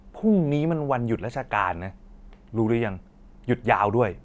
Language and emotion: Thai, angry